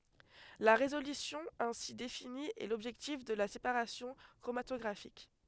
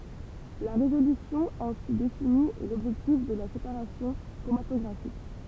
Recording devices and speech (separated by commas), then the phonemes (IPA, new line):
headset microphone, temple vibration pickup, read sentence
la ʁezolysjɔ̃ ɛ̃si defini ɛ lɔbʒɛktif də la sepaʁasjɔ̃ kʁomatɔɡʁafik